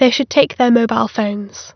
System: none